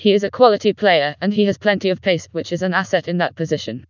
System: TTS, vocoder